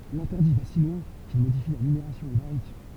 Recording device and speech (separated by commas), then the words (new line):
temple vibration pickup, read sentence
L'interdit va si loin qu'il modifie la numération hébraïque.